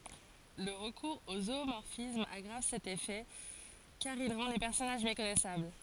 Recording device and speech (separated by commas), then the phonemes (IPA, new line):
forehead accelerometer, read sentence
lə ʁəkuʁz o zumɔʁfism aɡʁav sɛt efɛ kaʁ il ʁɑ̃ le pɛʁsɔnaʒ mekɔnɛsabl